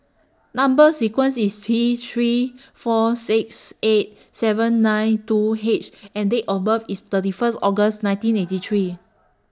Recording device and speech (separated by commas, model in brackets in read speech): standing microphone (AKG C214), read sentence